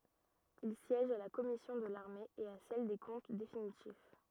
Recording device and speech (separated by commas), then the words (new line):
rigid in-ear microphone, read sentence
Il siège à la commission de l'armée et à celle des comptes définitifs.